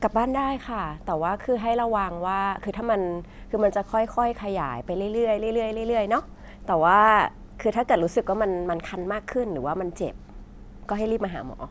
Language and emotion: Thai, neutral